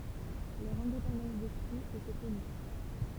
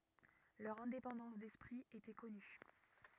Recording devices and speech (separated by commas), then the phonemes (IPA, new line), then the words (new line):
temple vibration pickup, rigid in-ear microphone, read sentence
lœʁ ɛ̃depɑ̃dɑ̃s dɛspʁi etɛ kɔny
Leur indépendance d'esprit était connue.